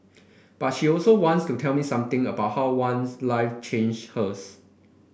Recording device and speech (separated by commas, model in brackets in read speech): boundary microphone (BM630), read sentence